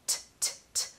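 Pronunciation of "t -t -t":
A true T sound is said on its own several times: t, t, t.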